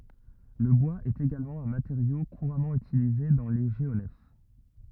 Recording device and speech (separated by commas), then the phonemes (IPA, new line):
rigid in-ear microphone, read sentence
lə bwaz ɛt eɡalmɑ̃ œ̃ mateʁjo kuʁamɑ̃ ytilize dɑ̃ le ʒeonɛf